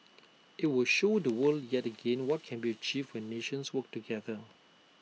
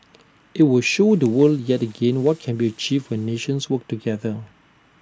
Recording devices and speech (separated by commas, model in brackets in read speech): mobile phone (iPhone 6), standing microphone (AKG C214), read sentence